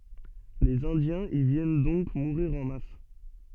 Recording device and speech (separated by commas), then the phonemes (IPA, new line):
soft in-ear microphone, read sentence
lez ɛ̃djɛ̃z i vjɛn dɔ̃k muʁiʁ ɑ̃ mas